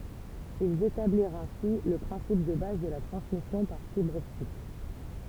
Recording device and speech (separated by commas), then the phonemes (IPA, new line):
temple vibration pickup, read sentence
ilz etabliʁt ɛ̃si lə pʁɛ̃sip də baz də la tʁɑ̃smisjɔ̃ paʁ fibʁ ɔptik